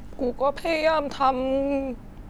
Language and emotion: Thai, sad